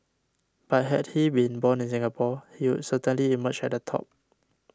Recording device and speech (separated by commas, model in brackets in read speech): standing microphone (AKG C214), read sentence